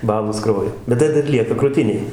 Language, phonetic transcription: Lithuanian, ˈbalos ˈkraujo bet ˈtai dar ˈlieka kruˈtinėj

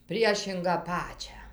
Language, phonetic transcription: Lithuanian, ˈpriešingą ˈpačią

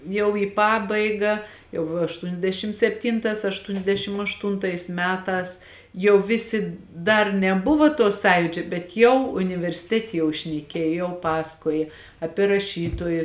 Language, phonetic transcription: Lithuanian, jau į ˈpabaiga jau aštuniasˈdešim sepˈtintās aštuniasˈdešim ašˈtuntais ˈmetās jau ˈvisi ˈdar neˈbuvo to ˈsąjūdžio bet ˈjau universiˈtetė jau šneˈkėj jau ˈpasakoja ˈapie raˈšytoji

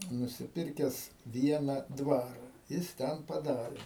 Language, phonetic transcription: Lithuanian, nusiˈpirkes ˈviena ˈdvara ˈjis ˈten paˈdarė

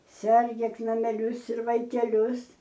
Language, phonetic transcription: Lithuanian, ˈsergėk nameˈlius ir vaikeˈlius

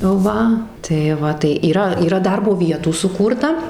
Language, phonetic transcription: Lithuanian, ˈva tai ˈva tai yˈra yˈra ˈdarbo ˈvietų suˈkūrta

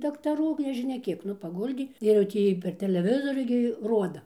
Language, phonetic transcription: Lithuanian, daktaˈrų gi nežiˈnia ˈkiek ˈnu paˈguldė ir jau ˈtį per teleˈvizoriu gi ˈroda

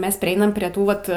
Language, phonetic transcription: Lithuanian, ˈmes priˈeinam prie ˈtų vat

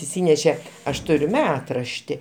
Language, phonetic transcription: Lithuanian, išˈsyneše ˈaš ˈturiu ˈmetrašti

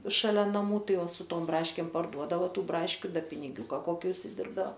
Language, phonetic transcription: Lithuanian, šaˈlia naˈmų ˈtai su ˈtom ˈbraškėm parˈduodavo ˈtų ˈbraškiu ˈda piniˈgiūka ˈkoki užsiˈdirbdao

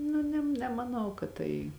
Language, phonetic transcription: Lithuanian, ˈnu nem nemaˈnau kad ˈtai

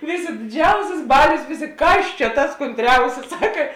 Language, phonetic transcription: Lithuanian, ˈvėˌsė diˈdžiausis ˈbalios ˈvėˌsė ˈkas čia tas konˈtriausis ˈsaka

